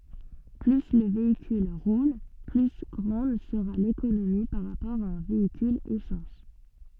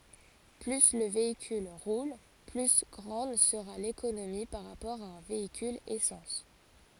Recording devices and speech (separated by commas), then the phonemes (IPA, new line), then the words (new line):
soft in-ear microphone, forehead accelerometer, read sentence
ply lə veikyl ʁul ply ɡʁɑ̃d səʁa lekonomi paʁ ʁapɔʁ a œ̃ veikyl esɑ̃s
Plus le véhicule roule, plus grande sera l'économie par rapport à un véhicule essence.